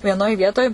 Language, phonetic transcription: Lithuanian, vieˈnoj ˈvietoj

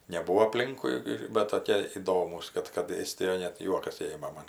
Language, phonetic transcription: Lithuanian, neˈbūvo aˈplinkui ir ˈbet toˈkie iˈdomūs ˈkad kad ˈėstijoj net ˈjuokas ˈėma man

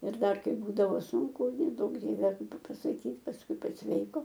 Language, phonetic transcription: Lithuanian, ir ˈdar ˈkaip ˈbūdavo ˈsunku neˈduok ˈdieve pa pasaˈkyt pasˈkui pasˈveiko

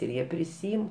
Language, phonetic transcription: Lithuanian, ir ˈjie priˈsyim

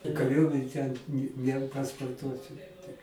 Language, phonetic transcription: Lithuanian, kaˈriuomen' ten ni nepasporˈtuosi tik

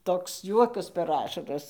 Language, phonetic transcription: Lithuanian, toks ˈjuokas per ˈašaras

